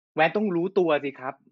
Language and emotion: Thai, angry